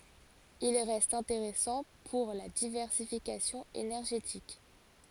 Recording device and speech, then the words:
forehead accelerometer, read sentence
Il reste intéressant pour la diversification énergétique.

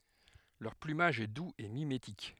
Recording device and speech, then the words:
headset microphone, read sentence
Leur plumage est doux et mimétique.

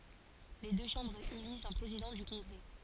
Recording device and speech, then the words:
forehead accelerometer, read sentence
Les deux chambres élisent un président du Congrès.

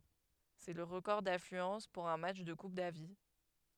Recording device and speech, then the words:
headset microphone, read sentence
C'est le record d'affluence pour un match de Coupe Davis.

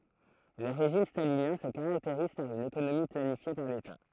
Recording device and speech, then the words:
throat microphone, read sentence
Les régimes staliniens se caractérisent par une économie planifiée par l'État.

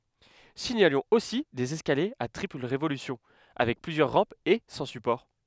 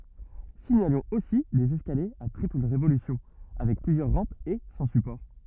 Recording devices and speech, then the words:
headset microphone, rigid in-ear microphone, read sentence
Signalons aussi des escaliers à triple révolution avec plusieurs rampes et sans support.

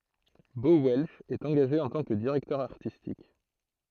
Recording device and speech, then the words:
throat microphone, read sentence
Bo Welch est engagé en tant que directeur artistique.

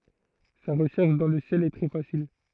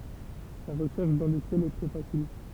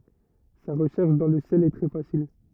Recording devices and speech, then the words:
throat microphone, temple vibration pickup, rigid in-ear microphone, read sentence
Sa recherche dans le ciel est très facile.

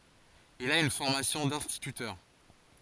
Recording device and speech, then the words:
forehead accelerometer, read sentence
Il a une formation d'instituteur.

